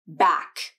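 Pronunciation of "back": In 'back', the k at the end is released and can be heard, with an audible puff of air coming out.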